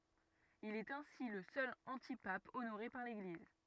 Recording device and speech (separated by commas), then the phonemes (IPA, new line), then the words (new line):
rigid in-ear microphone, read sentence
il ɛt ɛ̃si lə sœl ɑ̃tipap onoʁe paʁ leɡliz
Il est ainsi le seul antipape honoré par l’Église.